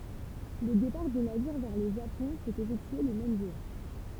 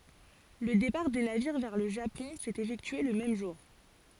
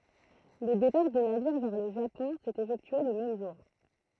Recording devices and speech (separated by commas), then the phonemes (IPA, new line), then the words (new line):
temple vibration pickup, forehead accelerometer, throat microphone, read sentence
lə depaʁ de naviʁ vɛʁ lə ʒapɔ̃ sɛt efɛktye lə mɛm ʒuʁ
Le départ des navires vers le Japon s’est effectué le même jour.